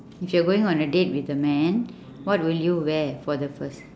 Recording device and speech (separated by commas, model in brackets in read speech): standing microphone, conversation in separate rooms